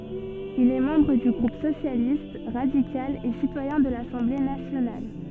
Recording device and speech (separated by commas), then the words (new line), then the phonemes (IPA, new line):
soft in-ear microphone, read sentence
Il est membre du groupe Socialiste, radical et citoyen de l'Assemblée nationale.
il ɛ mɑ̃bʁ dy ɡʁup sosjalist ʁadikal e sitwajɛ̃ də lasɑ̃ble nasjonal